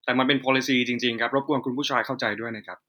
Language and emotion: Thai, neutral